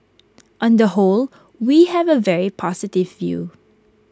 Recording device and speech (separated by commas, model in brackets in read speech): close-talking microphone (WH20), read sentence